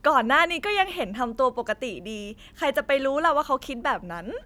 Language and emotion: Thai, happy